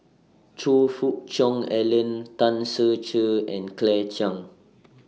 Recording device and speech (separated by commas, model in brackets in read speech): mobile phone (iPhone 6), read sentence